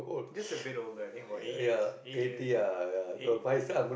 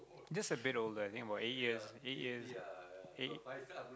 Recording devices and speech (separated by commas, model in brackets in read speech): boundary microphone, close-talking microphone, conversation in the same room